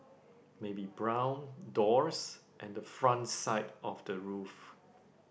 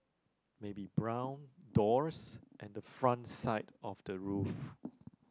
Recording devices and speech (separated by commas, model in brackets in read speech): boundary microphone, close-talking microphone, conversation in the same room